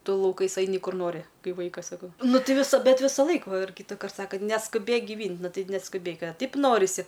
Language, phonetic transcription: Lithuanian, ˈtu lauˈkais ˈaini ˈkur ˈnori ˈkai ˈvaikas saˈkau ˈnu ˈti viˈsa bet ˈvisaˌlaik va ir kytaˈkart ˈsaka neskuˈbėk giˈvynt' ˈnu ˈtai neskuˈbėk a ˈtaip ˈnorisi

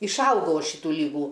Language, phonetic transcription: Lithuanian, išˈaugau ˈaš ˈšytų ˈlygų

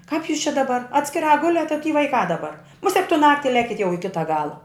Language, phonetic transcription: Lithuanian, kap jūs čia daˈbar atskiˈrā ˈguliat a ty vaiˈkā daˈbar muˈsek tu ˈnakti ˈlekit jau i ˈkita ˈgala

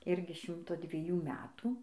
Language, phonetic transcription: Lithuanian, ˈirgi ˈšimto dvieˈjų ˈmetų

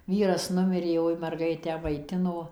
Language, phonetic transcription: Lithuanian, ˈvyras ˈnumirė ˈjoj merˈgaitę maiˈtino

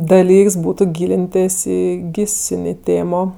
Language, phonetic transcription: Lithuanian, daˈlyks ˈbūtu ˈgylintės' ˈį ˈgysinė ˈtėmo

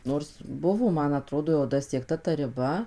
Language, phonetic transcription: Lithuanian, ˈnors ˈbuvo ˈman aˈtrodo jau dasiekˈta ta riˈba

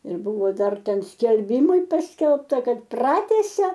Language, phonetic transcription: Lithuanian, ir ˈbuvo ˈdar ˈten skelˈbimai ˈpaskelbta ˈkad ˈpratęsia

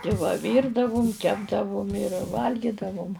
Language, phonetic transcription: Lithuanian, ti ˈva ˈvyrdavum ˈkepdavum ir ˈvalgydavum

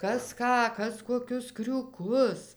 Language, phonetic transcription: Lithuanian, ˈkas ˈką ˈkas koˈkius kriūˈkus

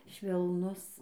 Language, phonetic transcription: Lithuanian, švelˈnus

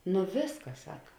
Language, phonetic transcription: Lithuanian, nu ˈvėsˌkas ˈsaka

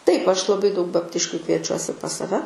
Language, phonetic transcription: Lithuanian, ˈtaip ˈaš laˈbai daug babˈtiškių kvieˈčiuosi pas saˈve

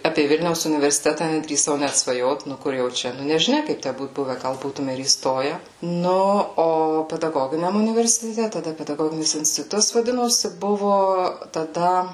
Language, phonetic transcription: Lithuanian, ˈapė ˈvilniaus universiˈteta nedrįˈsau ˈnæt svaˈjot ˈnu ˈkur jau ˈčia nu nežiˈnia ˈkaip ˈtæ ˈbūt ˈbuve ˈgal ˈbūtume ir įˈstoje ˈnu o pedaˈgoginiam universiteˈte taˈda pedaˈgoginis instiˈtutas vaˈdinosi ˈbuvo taˈda

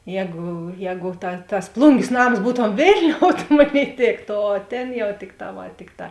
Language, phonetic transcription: Lithuanian, ˈjēgu ˈjēgu ta tas ˈplungės ˈnams ˈbūtom ˈvėlniou ta ˈmoˌnėi ˈtėkto o ˈtėn jauˈtikˌtā ˈva ˈtikˌtā

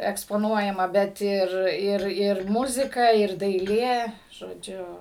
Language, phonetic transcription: Lithuanian, ekspoˈnuojama bet ˈir ˈir ˈir ˈmuzika ir daiˈlė žoˈdžiu

